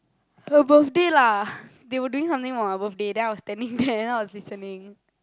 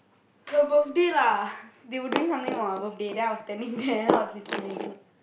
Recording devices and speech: close-talking microphone, boundary microphone, conversation in the same room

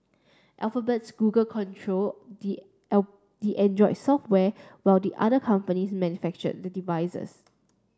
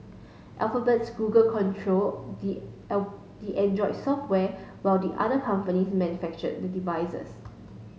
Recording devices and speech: standing microphone (AKG C214), mobile phone (Samsung S8), read sentence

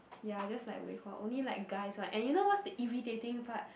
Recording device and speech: boundary microphone, conversation in the same room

